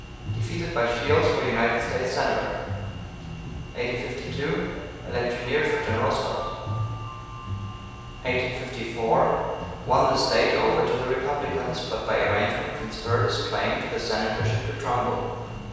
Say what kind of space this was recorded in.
A large, echoing room.